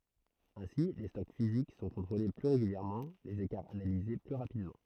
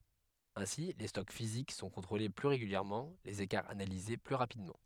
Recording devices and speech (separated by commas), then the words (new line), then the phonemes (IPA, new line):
throat microphone, headset microphone, read sentence
Ainsi les stocks physiques sont contrôlés plus régulièrement, les écarts analysés plus rapidement.
ɛ̃si le stɔk fizik sɔ̃ kɔ̃tʁole ply ʁeɡyljɛʁmɑ̃ lez ekaʁz analize ply ʁapidmɑ̃